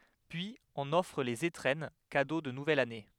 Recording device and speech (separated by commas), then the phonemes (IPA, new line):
headset microphone, read sentence
pyiz ɔ̃n ɔfʁ lez etʁɛn kado də nuvɛl ane